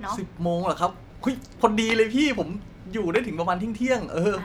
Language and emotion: Thai, happy